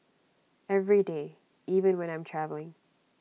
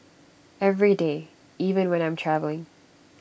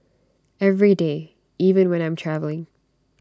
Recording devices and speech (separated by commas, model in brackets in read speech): mobile phone (iPhone 6), boundary microphone (BM630), standing microphone (AKG C214), read sentence